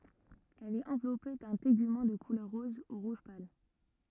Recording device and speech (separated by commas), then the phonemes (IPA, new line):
rigid in-ear microphone, read sentence
ɛl ɛt ɑ̃vlɔpe dœ̃ teɡymɑ̃ də kulœʁ ʁɔz u ʁuʒ pal